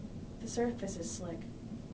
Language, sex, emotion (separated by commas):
English, female, neutral